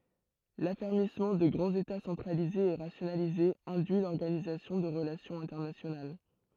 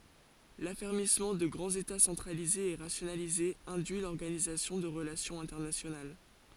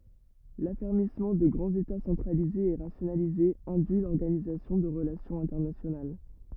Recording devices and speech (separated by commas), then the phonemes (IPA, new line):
throat microphone, forehead accelerometer, rigid in-ear microphone, read sentence
lafɛʁmismɑ̃ də ɡʁɑ̃z eta sɑ̃tʁalizez e ʁasjonalizez ɛ̃dyi lɔʁɡanizasjɔ̃ də ʁəlasjɔ̃z ɛ̃tɛʁnasjonal